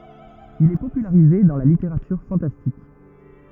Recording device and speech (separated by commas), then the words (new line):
rigid in-ear microphone, read sentence
Il est popularisé dans la littérature fantastique.